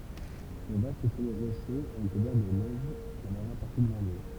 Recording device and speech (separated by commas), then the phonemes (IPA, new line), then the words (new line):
temple vibration pickup, read sentence
sɔ̃ vast sɔmɛ ʁoʃøz ɛ ʁəkuvɛʁ də nɛʒ la maʒœʁ paʁti də lane
Son vaste sommet rocheux est recouvert de neige la majeure partie de l'année.